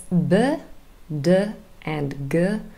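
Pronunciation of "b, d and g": The sounds 'b', 'd' and 'g' are voiced plosives and are said much louder than their voiceless partners.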